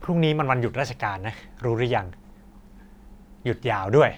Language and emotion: Thai, frustrated